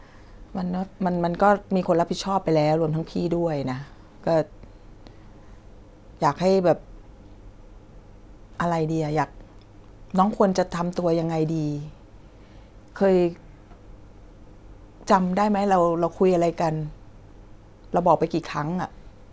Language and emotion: Thai, sad